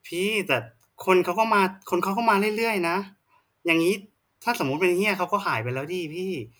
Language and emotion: Thai, frustrated